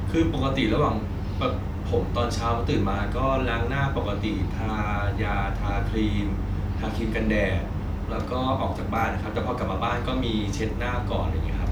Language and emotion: Thai, neutral